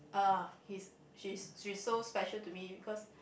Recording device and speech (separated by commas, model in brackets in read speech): boundary microphone, conversation in the same room